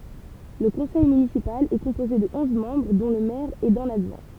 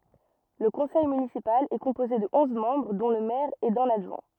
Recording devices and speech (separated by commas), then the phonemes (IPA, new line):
temple vibration pickup, rigid in-ear microphone, read sentence
lə kɔ̃sɛj mynisipal ɛ kɔ̃poze də ɔ̃z mɑ̃bʁ dɔ̃ lə mɛʁ e dœ̃n adʒwɛ̃